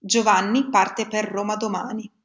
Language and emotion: Italian, neutral